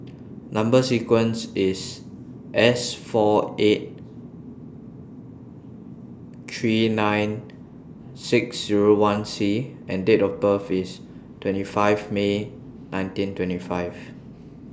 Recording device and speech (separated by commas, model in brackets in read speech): standing microphone (AKG C214), read sentence